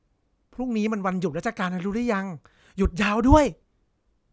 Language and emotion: Thai, happy